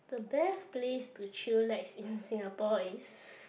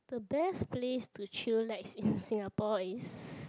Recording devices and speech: boundary microphone, close-talking microphone, conversation in the same room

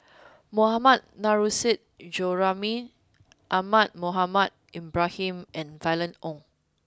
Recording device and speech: close-talking microphone (WH20), read sentence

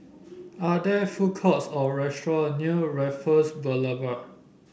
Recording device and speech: boundary microphone (BM630), read sentence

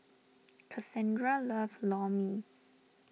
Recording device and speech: mobile phone (iPhone 6), read sentence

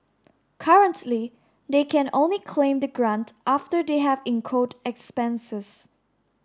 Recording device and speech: standing microphone (AKG C214), read sentence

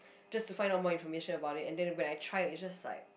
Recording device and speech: boundary microphone, conversation in the same room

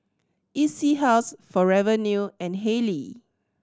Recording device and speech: standing microphone (AKG C214), read sentence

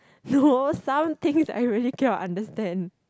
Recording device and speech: close-talking microphone, conversation in the same room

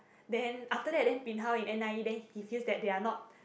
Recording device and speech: boundary microphone, conversation in the same room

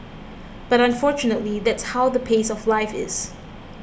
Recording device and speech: boundary microphone (BM630), read sentence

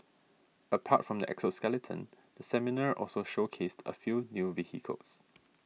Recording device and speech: mobile phone (iPhone 6), read sentence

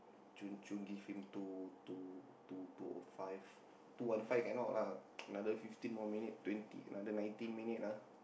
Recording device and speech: boundary microphone, conversation in the same room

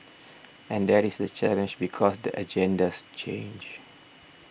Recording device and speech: boundary microphone (BM630), read sentence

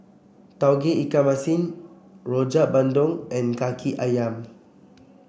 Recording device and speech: boundary microphone (BM630), read sentence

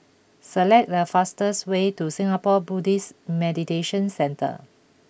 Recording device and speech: boundary microphone (BM630), read sentence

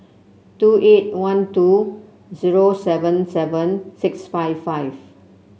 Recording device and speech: mobile phone (Samsung C7), read sentence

